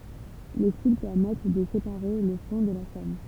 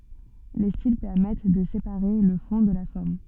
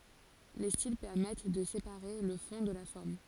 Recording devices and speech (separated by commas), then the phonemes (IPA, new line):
temple vibration pickup, soft in-ear microphone, forehead accelerometer, read sentence
le stil pɛʁmɛt də sepaʁe lə fɔ̃ də la fɔʁm